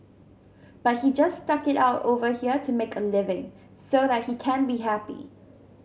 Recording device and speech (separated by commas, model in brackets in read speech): mobile phone (Samsung C7100), read sentence